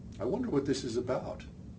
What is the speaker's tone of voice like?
neutral